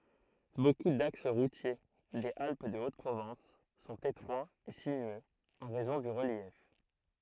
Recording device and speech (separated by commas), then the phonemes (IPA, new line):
throat microphone, read sentence
boku daks ʁutje dez alp də ot pʁovɑ̃s sɔ̃t etʁwaz e sinyøz ɑ̃ ʁɛzɔ̃ dy ʁəljɛf